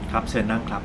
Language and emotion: Thai, neutral